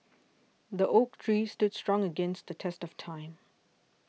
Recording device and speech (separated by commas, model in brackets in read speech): mobile phone (iPhone 6), read sentence